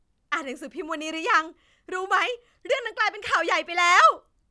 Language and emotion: Thai, happy